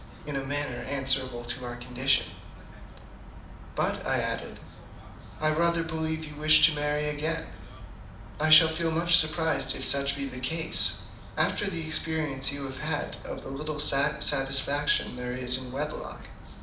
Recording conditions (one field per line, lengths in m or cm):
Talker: one person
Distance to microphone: 2.0 m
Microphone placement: close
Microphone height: 99 cm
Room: medium-sized (5.7 m by 4.0 m)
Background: television